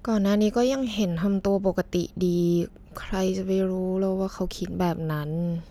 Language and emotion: Thai, sad